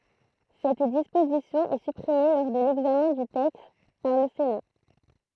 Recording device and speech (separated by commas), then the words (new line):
throat microphone, read sentence
Cette disposition est supprimée lors de l'examen du texte par le Sénat.